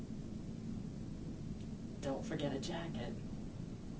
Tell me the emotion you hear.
neutral